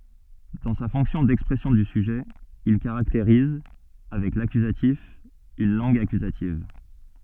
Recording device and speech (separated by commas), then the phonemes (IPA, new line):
soft in-ear microphone, read sentence
dɑ̃ sa fɔ̃ksjɔ̃ dɛkspʁɛsjɔ̃ dy syʒɛ il kaʁakteʁiz avɛk lakyzatif yn lɑ̃ɡ akyzativ